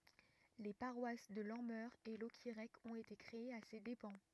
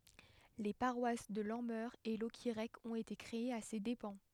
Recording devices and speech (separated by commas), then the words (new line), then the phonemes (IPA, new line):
rigid in-ear microphone, headset microphone, read sentence
Les paroisses de Lanmeur et Locquirec ont été créées à ses dépens.
le paʁwas də lɑ̃mœʁ e lɔkiʁɛk ɔ̃t ete kʁeez a se depɑ̃